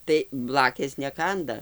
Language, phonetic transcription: Lithuanian, tai ˈblakės neˈkanda

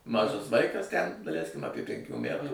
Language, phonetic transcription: Lithuanian, ˈmažas ˈvaikas ten daˈleiskim ˈapie penˈkių ˈmætų

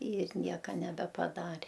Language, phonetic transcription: Lithuanian, ir ˈnieka nebepaˈdarė

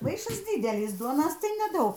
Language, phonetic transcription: Lithuanian, ˈmaišas ˈdydelis ˈduonos tai neˈdaug

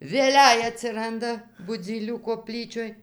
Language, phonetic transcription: Lithuanian, vėˈlei atsiˈranda buˈdzylių koˈplyčioj

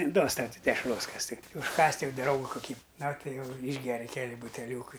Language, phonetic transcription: Lithuanian, ˈduos ˈtau ˈti dešˈros ˈkas ti užˈkąst' ˈjau ˈdrauga kuˈkį na ˈtai ˈjau ˈyšgeri ˈkeli buteˈliūkai

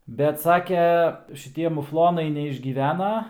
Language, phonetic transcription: Lithuanian, bet ˈsake šiˈtie muˈflonai neišgyˈvena

